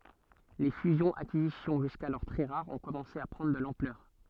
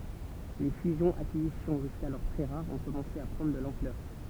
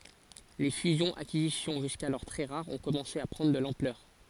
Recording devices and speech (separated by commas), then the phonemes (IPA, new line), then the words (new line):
soft in-ear microphone, temple vibration pickup, forehead accelerometer, read sentence
le fyzjɔ̃z akizisjɔ̃ ʒyskalɔʁ tʁɛ ʁaʁz ɔ̃ kɔmɑ̃se a pʁɑ̃dʁ də lɑ̃plœʁ
Les fusions-acquisitions, jusqu'alors très rares, ont commencé à prendre de l'ampleur.